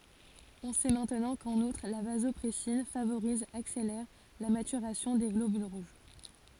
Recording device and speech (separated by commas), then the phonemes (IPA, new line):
forehead accelerometer, read sentence
ɔ̃ sɛ mɛ̃tnɑ̃ kɑ̃n utʁ la vazɔpʁɛsin favoʁiz akselɛʁ la matyʁasjɔ̃ de ɡlobyl ʁuʒ